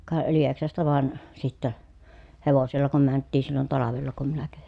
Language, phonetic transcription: Finnish, ka , Lieksasta vàen , sittä , hevosella kum mänttiin̬ sillon talavella kum minä käviN .
- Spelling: ka Lieksasta vain sitten hevosella kun mentiin silloin talvella kun minä kävin

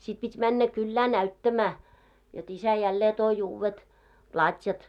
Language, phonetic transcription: Finnish, sit pit́ männä 'kyllää "näyttämää , jot 'isä 'jällee toi uuwwet , 'plat́jat .
- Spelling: sitten piti mennä kylään näyttämään jotta isä jälleen toi uudet platjat

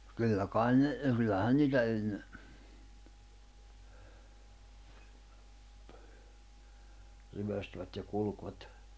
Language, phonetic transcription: Finnish, 'kyllä 'kain ne , kyllähän 'niitä enne , 'ryʷöstvät ja 'kulkvat .
- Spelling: kyllä kai ne kyllähän niitä ennen ryöstivät ja kulkivat

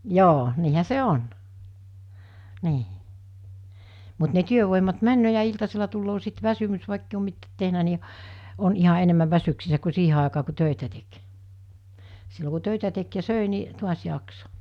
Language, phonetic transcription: Finnish, 'joo , 'niihä 'se "on , 'nii , mut ne 'työvòimat 'männöö ja 'iltasela tulloo sit 'väsymys vàikkei om 'mittäät tehnä ni , on iha 'enemmäv 'väsyksissä ku 'siihe àekaa ku 'tö̀itä tek , sillo ku 'tö̀itä tek ja 'sö̀i ni , 'tuas 'jaksᴏ .
- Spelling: joo niinhän se on niin mutta ne työvoimat menee ja iltasella tulee sitten väsymys vaikka ei ole mitään tehnyt niin on ihan enemmän väsyksissä kuin siihen aikaan kun töitä teki silloin kun töitä teki ja söi niin taas jaksoi

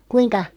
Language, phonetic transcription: Finnish, kuiŋka ?
- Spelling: kuinka

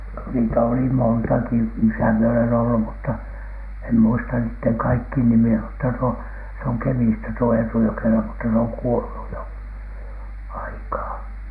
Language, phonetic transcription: Finnish, niitä oli "montaki , misä mie olen ollu mutta , em muista niitteŋ 'kaikkiin 'nimi₍ä mutta tuo , se oŋ "Kemistä tuo 'Eetu ‿jokela mutta se oŋ 'kuolu jo , "aikaa .
- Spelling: niitä oli montakin missä minä olen ollut mutta en muista niiden kaikkien nimiä mutta tuo se on Kemistä tuo Eetu Jokela mutta se on kuollut jo aikaa

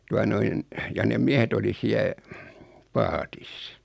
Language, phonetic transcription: Finnish, 'tua noin , ja nem 'miehet ‿oli 'siä , "paatis .
- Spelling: tuota noin ja ne miehet oli siellä paatissa

